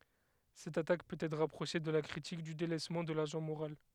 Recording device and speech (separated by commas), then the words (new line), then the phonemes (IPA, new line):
headset microphone, read sentence
Cette attaque peut être rapprochée de la critique du délaissement de l'agent moral.
sɛt atak pøt ɛtʁ ʁapʁoʃe də la kʁitik dy delɛsmɑ̃ də laʒɑ̃ moʁal